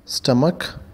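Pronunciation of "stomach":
'Stomach' is pronounced correctly here.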